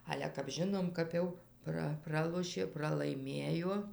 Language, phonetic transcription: Lithuanian, ˈale kap ˈžinom kap ˈjau ˈpra ˈpralošė pralaiˈmėjo

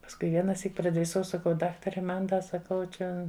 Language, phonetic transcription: Lithuanian, pasˈkui ˈvienaˌsyk pradriˈsau saˈkau ˈdaktare ˈman ˈda saˈkau ˈčia

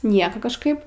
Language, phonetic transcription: Lithuanian, ˈnieko kažˈkaip

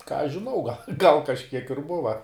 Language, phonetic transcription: Lithuanian, ką aš žiˈnau gal' ˈgal kažˈkiek ir ˈbuva

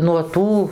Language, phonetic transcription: Lithuanian, nuo ˈtų

